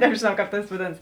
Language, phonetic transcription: Lithuanian, nebžėˈnau ˈkāp ˈtas vaˈdėnas

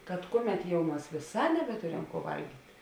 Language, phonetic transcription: Lithuanian, kad ˈkuˌmet jau ˈmas vėˈsā nebeˈturem kuo ˈvalgyt'

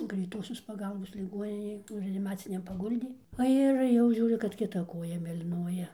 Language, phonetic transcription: Lithuanian, greiˈtosios paˈgalbos liˈgoninėj ˈnu reaniˈmaciniam paˈguldė o ˈir jau ˈžiūriu kad kiˈta ˈkoja mėlyˈnuoja

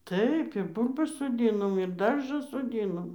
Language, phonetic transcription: Lithuanian, ˈtaip ir ˈbūl'bas soˈdynom ir ˈdarža soˈdynom

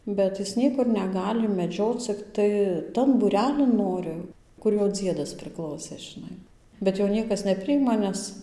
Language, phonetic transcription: Lithuanian, ˈbet ˈjis ˈniekur neˈgali meˈdžioc cikˈtai ˈtan būˈrelin ˈnori ˈkur ˈjo ˈdziedas priˈklausė žiˈnai bet ˈjo ˈniekas neˈprijima ˈnes

